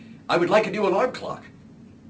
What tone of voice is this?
neutral